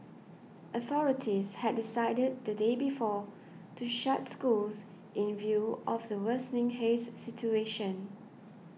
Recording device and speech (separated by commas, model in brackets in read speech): mobile phone (iPhone 6), read sentence